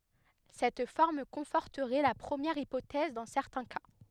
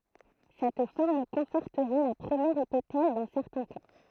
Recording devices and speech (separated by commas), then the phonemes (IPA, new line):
headset microphone, throat microphone, read sentence
sɛt fɔʁm kɔ̃fɔʁtəʁɛ la pʁəmjɛʁ ipotɛz dɑ̃ sɛʁtɛ̃ ka